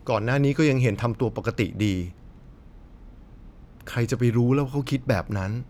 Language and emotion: Thai, frustrated